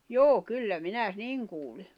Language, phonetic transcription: Finnish, jo̭o̭ 'kyllä minä , 'niŋ kuuli .
- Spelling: joo kyllä minä niin kuulin

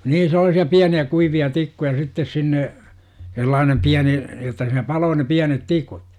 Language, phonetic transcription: Finnish, niin sel̆laasi₍a 'piäni₍ä 'kuivi₍a "tikkuja 'sittes sinne , sellaanem "piäni , jotta siinä 'paloo ne 'piänet "tikut .
- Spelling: niin sellaisia pieniä kuivia tikkuja sitten sinne sellainen pieni jotta siinä paloi ne pienet tikut

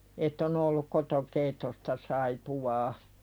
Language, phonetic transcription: Finnish, ett ‿o'n ‿olluk koto"keittosta saipuwaa .
- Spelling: että on ollut kotokeittoista saippuaa

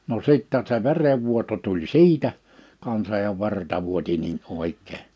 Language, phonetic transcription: Finnish, no 'sittäɴ se 'verevvuoto tuĺ "si̬itä , kansaj ja 'verta vuoti niin 'òik̆kee .
- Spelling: no sitten se verenvuoto tuli siitä kanssa ja verta vuoti niin oikein

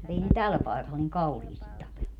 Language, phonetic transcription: Finnish, mu't ‿ei ne "täl 'paekal niŋ "kauhiisti 'tapellu .
- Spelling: mutta ei ne tällä paikalla niin kauheasti tapellut

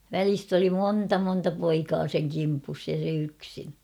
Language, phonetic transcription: Finnish, välist ‿oli 'moonta 'monta 'poikaa seŋ 'kimpus ja se 'yksin .
- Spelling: välistä oli monta monta poikaa sen kimpussa ja se yksin

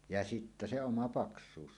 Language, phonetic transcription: Finnish, ja "sittä 'se 'oma "paks̀uus .
- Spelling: ja sitten se oma paksuus

